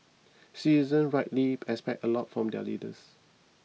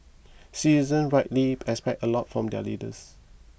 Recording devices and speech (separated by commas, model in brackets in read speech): mobile phone (iPhone 6), boundary microphone (BM630), read sentence